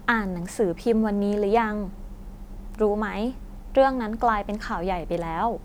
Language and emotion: Thai, neutral